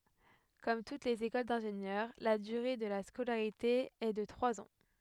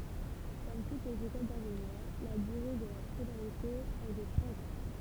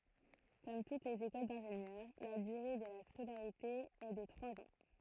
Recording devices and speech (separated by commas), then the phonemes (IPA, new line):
headset microphone, temple vibration pickup, throat microphone, read sentence
kɔm tut lez ekol dɛ̃ʒenjœʁ la dyʁe də la skolaʁite ɛ də tʁwaz ɑ̃